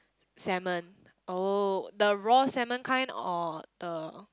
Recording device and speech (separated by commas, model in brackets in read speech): close-talking microphone, conversation in the same room